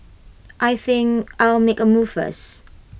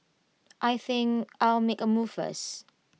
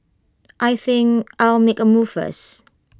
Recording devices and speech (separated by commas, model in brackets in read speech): boundary microphone (BM630), mobile phone (iPhone 6), close-talking microphone (WH20), read sentence